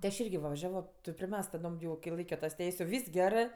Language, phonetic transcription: Lithuanian, ti aš ˈirgi va vaˈžiavo ˈto priˈmesk taˈdom jau ki ˈlaikio tas ˈteis' jau ˈvys gerɜ

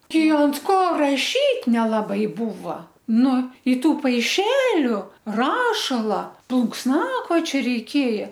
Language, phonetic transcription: Lithuanian, ˈtei ant ˈko raˈšyt' nelaˈbai ˈbūva ˈnu i ˈtų paiˈšeliu ˈrašala plunksˈnakočio reiˈkėja

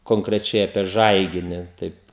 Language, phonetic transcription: Lithuanian, konkreˈčiai apie ˈžaigini ˈtaip

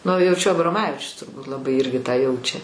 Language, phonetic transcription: Lithuanian, nu jau čia abroˈmavičius turˈbūt laˈbai ˈirgi tą ˈjaučia

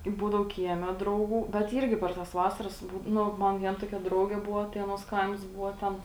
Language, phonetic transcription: Lithuanian, ˈbūdau ˈkieˌme ˈdrauˌgų bet ˈyrgi per tas ˈvasaras ˈbū ˈnu ˈman ˈvien ˈtokia ˈdraugė ˈbuvo tai ˈaˌnuos ˈkaims ˈbuvo ˈten

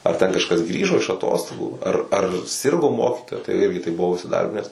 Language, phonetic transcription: Lithuanian, ar ˈten kažˈkas ˈgrįžo iš aˈtostogų ar ar ˈsirgo ˈmokitoja tai ˈirgi tai buˈvau isiˈdarbines

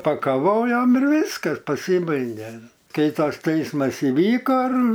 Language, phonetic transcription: Lithuanian, pakaˈvojom ir ˈvyskas paˈsybaige ˈkai ˈtas ˈteismas iˈvyko ir

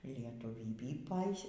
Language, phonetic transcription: Lithuanian, lietuˈvybį ˈpais

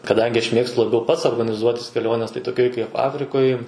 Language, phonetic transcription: Lithuanian, kaˈdangi aš ˈmėgstu laˈbiau ˈpats organiˈzuotis keˈliones tai toˈkioj kaip ˈafrikoj

